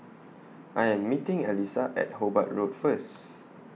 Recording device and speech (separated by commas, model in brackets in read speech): mobile phone (iPhone 6), read sentence